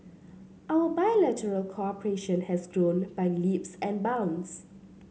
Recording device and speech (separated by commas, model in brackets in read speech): mobile phone (Samsung C7), read sentence